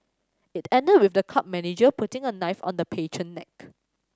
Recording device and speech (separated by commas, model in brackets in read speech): standing microphone (AKG C214), read sentence